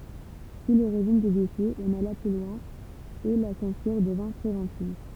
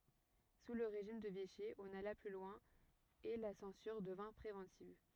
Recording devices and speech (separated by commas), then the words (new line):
temple vibration pickup, rigid in-ear microphone, read sentence
Sous le régime de Vichy, on alla plus loin et la censure devint préventive.